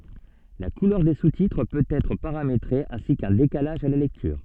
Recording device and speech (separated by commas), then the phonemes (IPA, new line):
soft in-ear microphone, read sentence
la kulœʁ de sustitʁ pøt ɛtʁ paʁametʁe ɛ̃si kœ̃ dekalaʒ a la lɛktyʁ